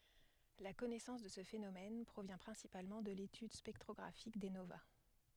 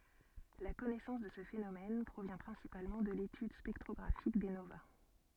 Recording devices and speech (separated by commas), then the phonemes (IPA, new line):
headset microphone, soft in-ear microphone, read sentence
la kɔnɛsɑ̃s də sə fenomɛn pʁovjɛ̃ pʁɛ̃sipalmɑ̃ də letyd spɛktʁɔɡʁafik de nova